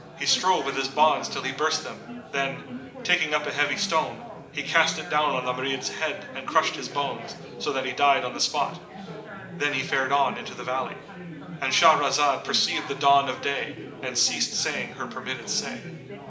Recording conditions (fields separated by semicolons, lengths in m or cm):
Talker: one person; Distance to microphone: 1.8 m; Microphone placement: close; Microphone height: 1.0 m; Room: large; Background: babble